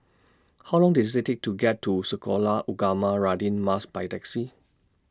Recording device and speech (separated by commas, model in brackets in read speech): standing microphone (AKG C214), read sentence